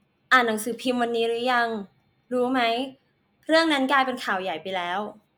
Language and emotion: Thai, neutral